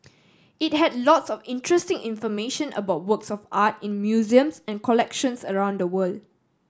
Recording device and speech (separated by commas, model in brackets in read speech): standing microphone (AKG C214), read sentence